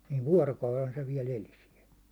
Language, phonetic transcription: Finnish, niiv 'vuårokaulen se viɛl 'eli siɛl .
- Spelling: niin vuorokauden se vielä eli siellä

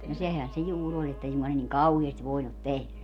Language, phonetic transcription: Finnish, no 'sehän̬ se 'juu'r ‿oĺ että 'ei suŋkoa ne niŋ "kauheest 'voinut 'tehlä .
- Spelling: no sehän se juuri oli että ei suinkaan ne niin kauheasti voinut tehdä

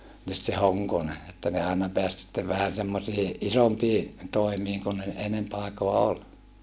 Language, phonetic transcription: Finnish, nyt se Hoŋkone , että ne aina peäs sittev vähän̬ semmosii , ʼisompii , tòimiiŋ kun ne , enemp àikoa ol .
- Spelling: nyt se Honkonen että ne aina pääsi sitten vähän semmoisiin isompiin toimiin kuin ne enempi aikaa oli

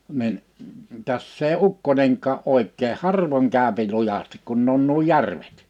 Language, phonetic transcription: Finnish, 'nin , 'täss ‿èi "ukkońeŋkaa 'òik̆kee "harvoŋ 'kä̀öpi 'lujastɪk kun ne on nuo "järvᴇt .
- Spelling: niin tässä ei ukkonenkaan oikein harvoin käy lujasti kun ne on nuo järvet

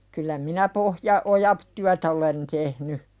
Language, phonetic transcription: Finnish, kyllä minä "pohja- , "ojap- , 'tyätä olen tehny .
- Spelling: kyllä minä - pohjaoja työtä olen tehnyt

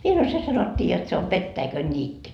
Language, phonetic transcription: Finnish, 'mie sano » 'se sanot́t́ii jot se o "pettäikönńiitty » .
- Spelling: minä sanoin se sanottiin jotta se on petäikönniitty

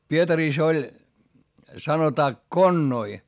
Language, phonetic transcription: Finnish, Pietarìs ‿oĺ , sanotaa konnoi .
- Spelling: Pietarissa oli sanotaan konnoi

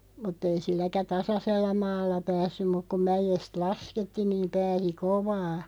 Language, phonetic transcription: Finnish, mutᵗ ‿ei 'silläkä "tasasella 'maalla 'päässym muk ku "mäjest 'lasketti niiᵐ 'pääsi "kovaa .
- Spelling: mutta ei silläkään tasaisella maalla päässyt mutta kun mäestä laskettiin niin pääsi kovaa

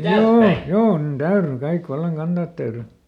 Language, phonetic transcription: Finnish, "joo , "joo nin "täyry ˈkaik ˈvallaŋ ˈkanDat täyry .
- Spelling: joo joo niin täytyi kaikki vallan kantaa täytyi

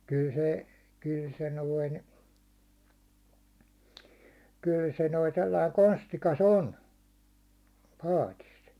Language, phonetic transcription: Finnish, 'kyl se , 'kyl se noin , 'kyl se noi 'sellai "konstikas "on , 'patis .
- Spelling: kyllä se kyllä se noin kyllä se noin sellainen konstikas on paatissa

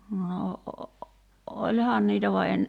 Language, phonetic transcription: Finnish, no , '’oĺhaan niitä va en ,.
- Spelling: no olihan niitä vaan en

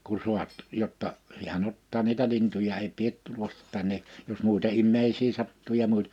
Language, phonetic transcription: Finnish, ku 'suat , 'jotta , hiä'n ‿ottaa niitä 'lintuja ei 'piet 'tullas̳ , 'tänne , jos mùita 'immeisii 'sattu ja 'muit- .
- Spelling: kun saat jotta hän ottaa niitä lintuja ei pidä tulla tänne jos muita ihmisiä sattuu ja -

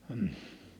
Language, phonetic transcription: Finnish, m̥h .
- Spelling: mm

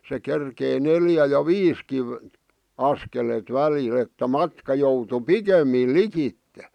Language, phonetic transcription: Finnish, se kerkei 'neljä ja "viiski , 'askelet "välil ‿että 'matka joutu "pikemmìl̆ "likitte .
- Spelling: se kerkesi neljä ja viisikin askeletta välillä että matka joutui pikemmin likitse

